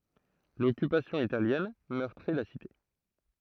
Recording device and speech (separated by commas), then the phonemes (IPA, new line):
throat microphone, read sentence
lɔkypasjɔ̃ italjɛn mœʁtʁi la site